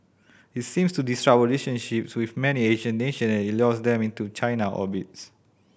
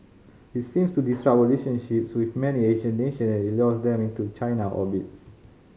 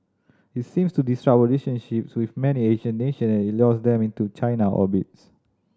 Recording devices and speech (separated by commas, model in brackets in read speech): boundary microphone (BM630), mobile phone (Samsung C5010), standing microphone (AKG C214), read sentence